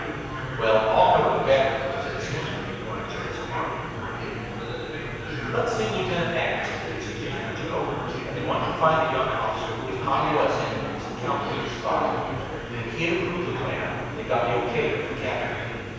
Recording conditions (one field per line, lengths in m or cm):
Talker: one person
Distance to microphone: 7.1 m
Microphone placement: far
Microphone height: 1.7 m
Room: very reverberant, large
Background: babble